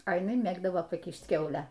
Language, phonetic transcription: Lithuanian, a jiˈnai ˈmėgdavo paˈkyšt ˈkiaulę

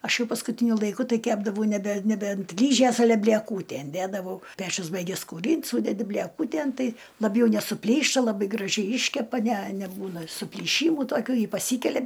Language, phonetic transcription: Lithuanian, ˈaš ˈjau paskuˈtyniu laiˈku ˈtai ˈkepdavau neˈbe neˈbe ant ˈlyžės aˈle blieˈkūtæn ˈdædavau ˈpečius ˈbaigias kūˈrynt ˈsūdedi bleˈkūtėn ˈtai laˈbjau nesuˈplyšta laˈbai graˈžiai ˈyškepa ne neˈbūna suplyˈšymų toˈkių ˈji paˈsykelia

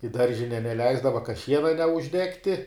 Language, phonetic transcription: Lithuanian, i ˈdaržine neˈleisdava ka ˈšiena neužˈdegti

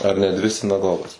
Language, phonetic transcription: Lithuanian, ar ne ˈdvi sinaˈgogas

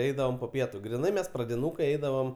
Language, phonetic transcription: Lithuanian, ˈeidavom po ˈpietu griˈnai ˈmes pradiˈnūkai ˈeidavom

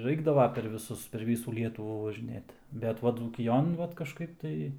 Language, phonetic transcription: Lithuanian, ˈraikdava per viˈsus per ˈvysų ˈlietuvų važiˈnėt bet ˈva dzūkiˈjon ˈvat kažˈkaip tai

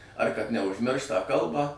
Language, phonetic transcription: Lithuanian, ar kad neužˈmiršt tą ˈkalbą

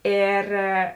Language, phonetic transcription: Lithuanian, ˈėr

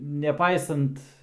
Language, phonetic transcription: Lithuanian, neˈpaisant

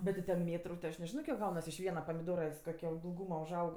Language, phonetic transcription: Lithuanian, ˈbet ti ten ˈmėtru ti aš neˈžino kiek ˈgaunas iš ˈviena pamiˈdora ˈis koˈkio ilˈgūma užˈaug

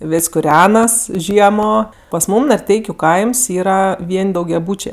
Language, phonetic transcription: Lithuanian, ˈvis' kuˈrenas ˈžiemo pas ˈmūm narˈteikiu ˈkaims yˈra ˈvien' daugiaˈbūčė

